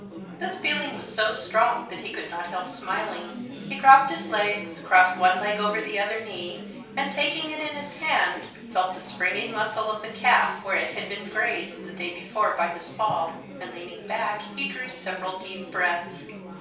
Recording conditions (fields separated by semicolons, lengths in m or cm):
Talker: one person; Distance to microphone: 3.0 m; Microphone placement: far; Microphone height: 1.8 m; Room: small (3.7 m by 2.7 m); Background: babble